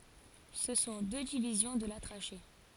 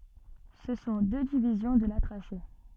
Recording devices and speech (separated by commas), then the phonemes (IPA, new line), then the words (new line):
forehead accelerometer, soft in-ear microphone, read sentence
sə sɔ̃ dø divizjɔ̃ də la tʁaʃe
Ce sont deux divisions de la trachée.